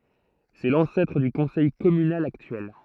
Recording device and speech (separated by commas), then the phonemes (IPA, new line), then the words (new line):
throat microphone, read sentence
sɛ lɑ̃sɛtʁ dy kɔ̃sɛj kɔmynal aktyɛl
C'est l'ancêtre du conseil communal actuel.